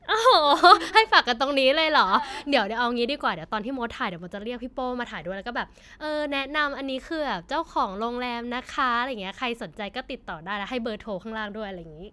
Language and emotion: Thai, happy